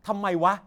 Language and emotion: Thai, angry